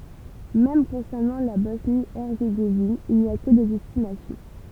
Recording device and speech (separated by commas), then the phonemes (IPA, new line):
temple vibration pickup, read sentence
mɛm kɔ̃sɛʁnɑ̃ la bɔsnjəɛʁzeɡovin il ni a kə dez ɛstimasjɔ̃